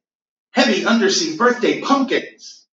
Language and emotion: English, happy